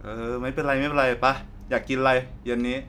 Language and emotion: Thai, neutral